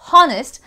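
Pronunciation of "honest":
'Honest' is pronounced incorrectly here, with the h sounded instead of silent.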